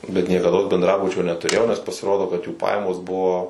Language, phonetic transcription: Lithuanian, bet niekaˈdos bendˈrabučio netuˈrėjau nes pasiˈrodo kad jų ˈpajamos ˈbuvo

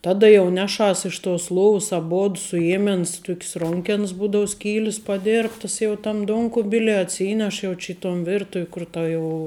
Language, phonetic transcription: Lithuanian, ˈtada jau ˈneˌšas iš tos ˈlovs aˈbod suˈjėmens ˈtuk's ˈronkens ˈbūdau ˈskylis paˈdėrbtas jau tam ˈduonkubilie atˈsyneš ˈjau či i ton ˈvirtuv' kur ˈta ˈjau

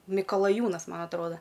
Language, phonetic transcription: Lithuanian, mikalaˈjūnas ˈman atˈroda

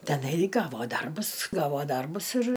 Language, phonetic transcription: Lithuanian, teˈnai ˈgavo ˈdarbus ˈgavo ˈdarbus ir

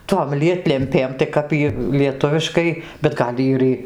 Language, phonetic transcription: Lithuanian, tom ˈlietlempėm tai ˈkap jy lieˈtuviškai bet ˈgal' ir ˈy

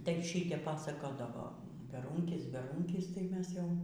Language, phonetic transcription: Lithuanian, tai ˈšytep ˈpasakodavo beˈrūnkis beˈrūnkis tai ˈmes ˈjau

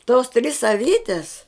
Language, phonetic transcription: Lithuanian, tos tris aˈvytes

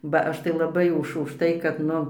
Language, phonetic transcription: Lithuanian, ba ˈaš tai laˈbai už užˈtai kad ˈnu

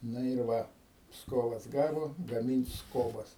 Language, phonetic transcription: Lithuanian, ˈna ir ˈva ˈpskovas ˈgavo gamint' ˈskobas

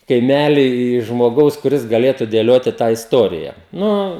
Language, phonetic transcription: Lithuanian, kaiˈmely žmoˈgaus kuˈris gaˈlėtu dėˈlioti tą isˈtorija ˈnu

